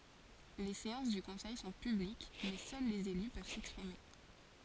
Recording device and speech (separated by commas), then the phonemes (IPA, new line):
forehead accelerometer, read sentence
le seɑ̃s dy kɔ̃sɛj sɔ̃ pyblik mɛ sœl lez ely pøv sɛkspʁime